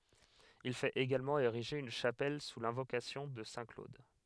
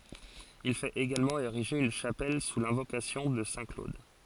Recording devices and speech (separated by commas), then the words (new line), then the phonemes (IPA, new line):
headset microphone, forehead accelerometer, read sentence
Il fait également ériger une chapelle sous l’invocation de saint Claude.
il fɛt eɡalmɑ̃ eʁiʒe yn ʃapɛl su lɛ̃vokasjɔ̃ də sɛ̃ klod